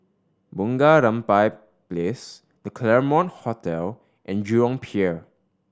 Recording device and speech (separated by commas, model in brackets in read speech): standing microphone (AKG C214), read sentence